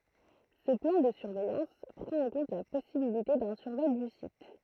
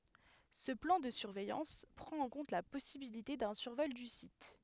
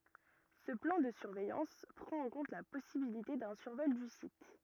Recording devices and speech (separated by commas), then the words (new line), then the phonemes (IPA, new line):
throat microphone, headset microphone, rigid in-ear microphone, read sentence
Ce plan de surveillance prend en compte la possibilité d’un survol du site.
sə plɑ̃ də syʁvɛjɑ̃s pʁɑ̃t ɑ̃ kɔ̃t la pɔsibilite dœ̃ syʁvɔl dy sit